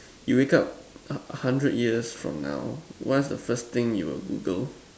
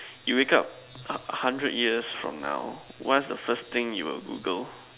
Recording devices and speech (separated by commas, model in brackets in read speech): standing microphone, telephone, conversation in separate rooms